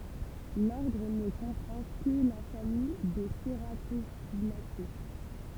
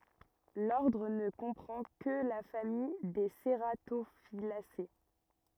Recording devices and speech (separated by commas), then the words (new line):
temple vibration pickup, rigid in-ear microphone, read sentence
L'ordre ne comprend que la famille des cératophyllacées.